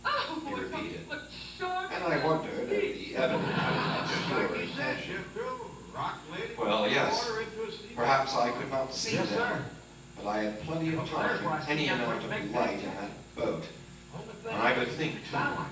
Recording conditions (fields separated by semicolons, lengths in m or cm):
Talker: one person; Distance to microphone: 9.8 m; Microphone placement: far; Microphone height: 1.8 m; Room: large; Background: television